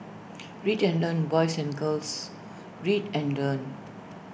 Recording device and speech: boundary microphone (BM630), read sentence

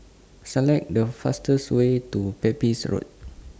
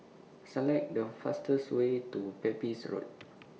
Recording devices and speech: standing microphone (AKG C214), mobile phone (iPhone 6), read sentence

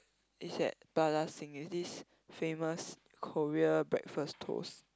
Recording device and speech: close-talking microphone, conversation in the same room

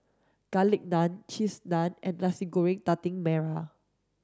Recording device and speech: standing microphone (AKG C214), read sentence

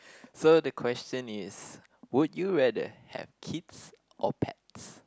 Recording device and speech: close-talking microphone, conversation in the same room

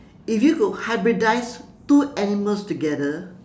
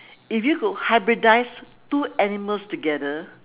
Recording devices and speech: standing microphone, telephone, conversation in separate rooms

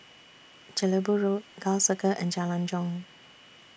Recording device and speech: boundary microphone (BM630), read sentence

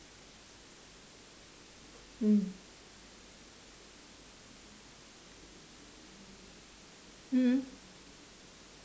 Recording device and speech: standing microphone, conversation in separate rooms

